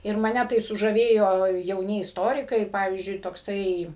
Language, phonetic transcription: Lithuanian, ir maˈne tai sužaˈvėjo jauˈni isˈtorikai ˈpavyzdžiui tokˈsai

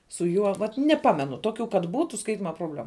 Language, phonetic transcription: Lithuanian, su ˈjuo vat neˈpamenu ˈtokiu kad ˈbūtu ˈskaitima probˈlemu

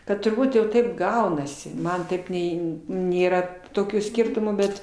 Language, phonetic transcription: Lithuanian, ˈkad turˈbūt jau ˈtaip ˈgaunasi ˈman ˈtaip ˈnei nėˈra toˈkių ˈskirtumų ˈbet

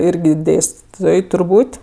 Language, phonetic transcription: Lithuanian, ˈirgi ˈdėstitoj turˈbūt'

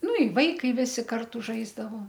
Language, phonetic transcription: Lithuanian, ˈnu i ˈvaikai ˈvisi ˈkartu ˈžaisdavo

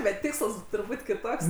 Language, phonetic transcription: Lithuanian, bet ˈtiksls turˈbūt' kiˈtoks

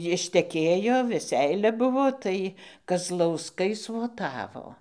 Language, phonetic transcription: Lithuanian, jišteˈkėjo veˈseilia ˈbuvo ˈtai kazlausˈkai svoˈtavo

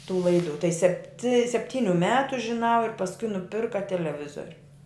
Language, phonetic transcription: Lithuanian, tų ˈlaidu tai septi sepˈtyniu ˈmetu žiˈnau ir pasˈkui nuˈpirka teleˈvizoriu

